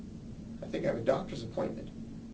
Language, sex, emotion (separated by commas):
English, male, neutral